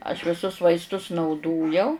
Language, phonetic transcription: Lithuanian, aš viˈsus vaisˈtus nauˈdojau

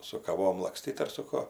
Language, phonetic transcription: Lithuanian, su kaˈvom lakˈstyt ar su ˈkuo

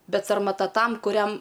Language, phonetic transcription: Lithuanian, ˈbet sarmaˈta ˈtam kuˈriam

